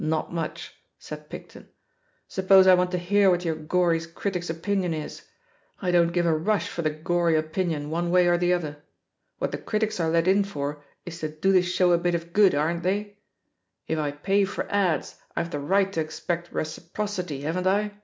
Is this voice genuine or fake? genuine